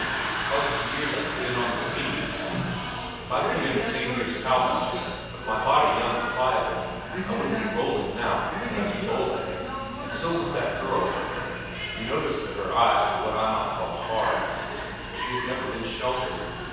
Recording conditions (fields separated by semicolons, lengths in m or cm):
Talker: one person; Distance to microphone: 7.1 m; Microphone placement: far; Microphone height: 1.7 m; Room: very reverberant, large; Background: television